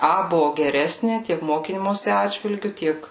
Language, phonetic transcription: Lithuanian, ˈa ˈbuvu geˈresni ˈtiek ˈmokymosi ˈatžvilgiu ˈtiek

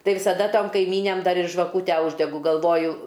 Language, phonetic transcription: Lithuanian, ˈtai visaˈda ˈtom kaiˈmynæm ˈdar ir žvaˈkūtę ˈūždegu galˈvoju

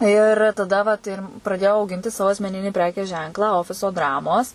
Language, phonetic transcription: Lithuanian, ir taˈda vat ir praˈdėjau auˈginti ˈsavo asmeˈninį ˈprekės ˈženklą ˈofiso ˈdramos

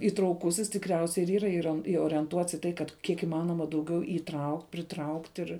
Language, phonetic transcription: Lithuanian, įtrauˈkusis tikˈriausiai ir ˈyra ˈiron iorienˈtuots į ˈtai kad ˈkiek iˈmanoma dauˈgiau įˈtraukt' pritraukt' ir

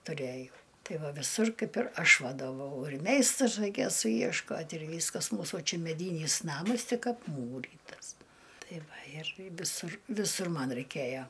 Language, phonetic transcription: Lithuanian, tuˈrejau ˈtai ˈva viˈsur ˈkaip ir ˈaš vadoˈvau ir ˈmeistrus raiˈkėjo sujiešˈkot' ir ˈvyskas ˈmūsų ˈčia meˈdynys ˈnamas ˈtik apˈmūrytas ˈtai ˈva ir viˈsur viˈsur ˈman raiˈkėjo

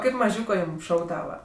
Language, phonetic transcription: Lithuanian, ˈkaip maˈžiūko ˈjūm ˈšaukdava

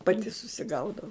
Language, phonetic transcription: Lithuanian, paˈti susiˈgaudau

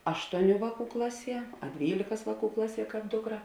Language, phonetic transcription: Lithuanian, ˈaštuoˌnių ˈvāˌkų ˈklaˌsie a ˈdvylėkas ˈvāˌkų ˈklaˌsie ˈkāp ˈdukˌra

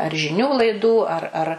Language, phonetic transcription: Lithuanian, ar žiˈnių laiˈdų ar ar

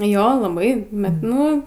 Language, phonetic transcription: Lithuanian, ˈjo laˈbai ˈbet ˈnu

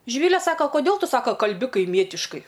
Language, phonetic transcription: Lithuanian, žiˈvyle ˈsaka koˈdėl ˈtu ˈsaka kalˈbi kaiˈmietiškai

